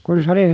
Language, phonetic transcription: Finnish, kun se ‿oli ,.
- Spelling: kun se oli

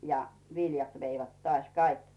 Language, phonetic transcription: Finnish, ja 'viljat 'veivät tᵒàś "kaik .
- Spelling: ja viljat veivät taas kaikki

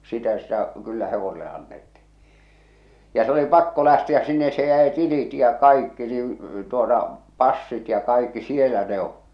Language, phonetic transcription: Finnish, 'sitä sitä , 'kyllä 'hevosele annetti̳ , ja se oli 'pakko 'lähti₍äs sinnes se jäi 'tilit ja 'kaikki niiḭ , tuota , 'passit ja 'kaikki 'sielä ne ‿o’ .
- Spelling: sitä sitä kyllä hevoselle annettiin ja se oli pakko lähteä sinne se jäi tilit ja kaikki niin tuota passit ja kaikki siellä ne on

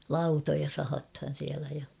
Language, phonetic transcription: Finnish, lautoja 'sahathan̬ siälä ja .
- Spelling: lautoja sahataan siellä ja

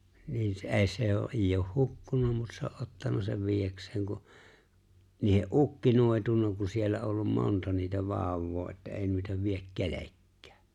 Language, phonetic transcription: Finnish, niin se "’e̬e̬ⁱ se o , '’eeij ‿ooh "hukkun(a) mut se o’ '’ottan(a) sev "viijäks̀eeŋ ku , niihe’ '’ukki 'nòi̬tunna ku siellä ’ollum 'monta niitä 'vàu̬w̆woo että » '’eeⁱ nuita viek "-kelekkᴀ̈ᴀ̈ « .
- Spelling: niin se ei se on ei ole hukkunut mutta se on ottanut sen viedäkseen kun niiden ukki noitunut kun siellä ollut monta niitä vauvaa että ei noita vie perkelekään

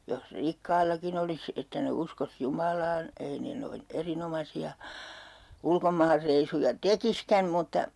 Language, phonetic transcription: Finnish, jos 'rikkaillakin ‿olis , 'että ne 'uskos 'Jumalaan , 'ei ne 'noin "erinomasi₍a , 'ulkomaarreisuja "tekiskäm mutta , .
- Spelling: jos rikkaillakin olisi että ne uskoisi Jumalaan ei ne noin erinomaisia ulkomaanreissuja tekisikään mutta

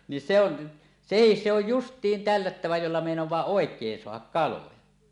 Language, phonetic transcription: Finnish, ni se ‿on , 'sehis se ‿oj "just̀iin "tällättävä jolla mèinoẁaa "òek̀een 'soahak "kaloja .
- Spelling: niin se on sekin se on justiin tällättävä jolla meinaa oikein saada kaloja

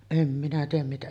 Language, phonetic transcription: Finnish, 'em minä 'tiiʲäm mitä ,.
- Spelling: en minä tiedä mitä

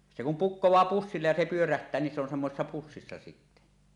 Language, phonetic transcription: Finnish, se kum "pukkoẁaa 'pussillej ja "se 'pyöräht̀ää ni se ‿on 'semmosessa 'pussissa sittä .
- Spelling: se kun pukkaa pussille ja se pyörähtää niin se on semmoisessa pussissa sitten

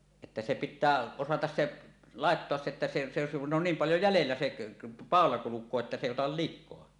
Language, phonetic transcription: Finnish, että se 'pit̆tää , osatas se , "làettoas se että se , se se kun on 'niim 'paljo "jälellä seˀ , "pàola 'kuluk̀oo että se èi otal 'lik̆koa .
- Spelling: että se pitää osata se laittaa se että se se se kun on niin paljon jäljellä se paula kulkee että se ei ota likaa

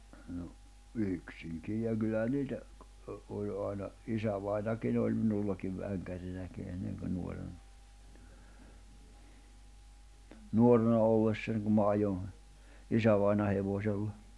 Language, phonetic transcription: Finnish, no , "yksiŋkij ja kylläʰᵃ̈ 'niitä , oĺ '’ài̬na , 'isävainakin ‿oĺ 'minullakiv 'väŋkärinäki enneŋ kö nuorena , 'nuorena ollessań kum ma 'ajoń , 'isävaina hevośella .
- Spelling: no yksinkin ja kyllähän niitä oli aina isävainajakin oli minullakin vänkärinäkin ennen kun nuorena nuorena ollessani kun minä ajoin isävainajan hevosella

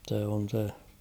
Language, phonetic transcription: Finnish, 'se on̳ 'se .
- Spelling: se on se

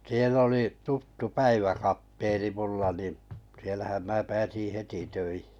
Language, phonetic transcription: Finnish, 'siell ‿oli , 'tuttu "päiväkap(t)eeni 'mulla ni’ , sielähäm mää 'pääsiⁱ̰ 'heti 'töihɪ .
- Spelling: siellä oli tuttu päiväkapteeni minulla niin siellähän minä pääsin heti töihin

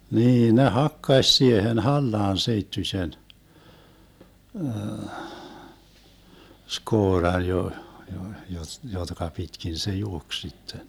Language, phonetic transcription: Finnish, 'niin ne "hakkaś siehen 'hallaan 'seittyśen , 'skooran jo- , jo- , jot- , 'jotka 'pitkin se "juoks 'sitten .
- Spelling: niin ne hakkasi siihen hallaan seittyisen skooran - - - jotka pitkin se juoksi sitten

